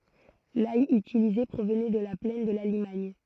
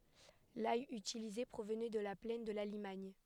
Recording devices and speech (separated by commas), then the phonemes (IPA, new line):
throat microphone, headset microphone, read sentence
laj ytilize pʁovnɛ də la plɛn də la limaɲ